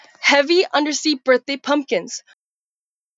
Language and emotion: English, disgusted